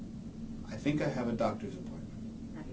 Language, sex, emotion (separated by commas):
English, male, neutral